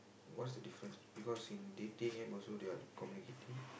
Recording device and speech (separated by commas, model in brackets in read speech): boundary microphone, conversation in the same room